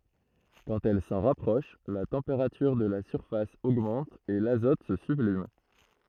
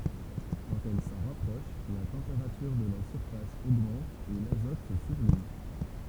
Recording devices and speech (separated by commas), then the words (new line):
throat microphone, temple vibration pickup, read sentence
Quand elle s'en rapproche, la température de la surface augmente et l'azote se sublime.